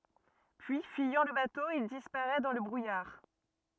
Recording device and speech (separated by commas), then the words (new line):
rigid in-ear microphone, read sentence
Puis, fuyant le bateau, il disparaît dans le brouillard.